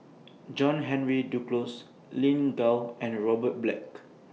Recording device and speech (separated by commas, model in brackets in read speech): mobile phone (iPhone 6), read sentence